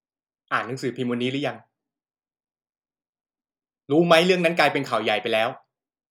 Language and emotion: Thai, frustrated